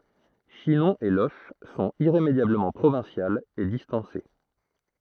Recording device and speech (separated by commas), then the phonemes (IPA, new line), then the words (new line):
throat microphone, read sentence
ʃinɔ̃ e loʃ sɔ̃t iʁemedjabləmɑ̃ pʁovɛ̃sjalz e distɑ̃se
Chinon et Loches sont irrémédiablement provinciales et distancées.